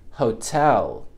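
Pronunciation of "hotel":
'Hotel' begins with a very soft h sound that is just a breath out, and the o is not stressed.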